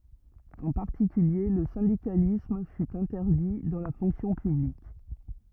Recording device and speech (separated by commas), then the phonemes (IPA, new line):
rigid in-ear microphone, read sentence
ɑ̃ paʁtikylje lə sɛ̃dikalism fy ɛ̃tɛʁdi dɑ̃ la fɔ̃ksjɔ̃ pyblik